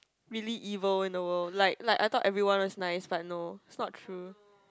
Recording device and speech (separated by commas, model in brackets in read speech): close-talking microphone, conversation in the same room